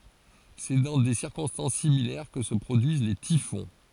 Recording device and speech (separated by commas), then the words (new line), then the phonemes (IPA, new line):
forehead accelerometer, read sentence
C'est dans des circonstances similaires que se produisent les typhons.
sɛ dɑ̃ de siʁkɔ̃stɑ̃s similɛʁ kə sə pʁodyiz le tifɔ̃